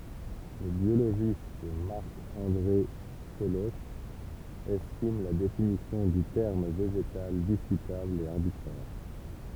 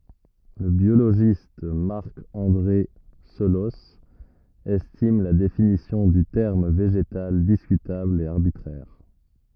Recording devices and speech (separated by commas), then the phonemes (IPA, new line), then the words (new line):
temple vibration pickup, rigid in-ear microphone, read sentence
lə bjoloʒist maʁk ɑ̃dʁe səlɔs ɛstim la definisjɔ̃ dy tɛʁm veʒetal diskytabl e aʁbitʁɛʁ
Le biologiste Marc-André Selosse estime la définition du terme végétal discutable et arbitraire.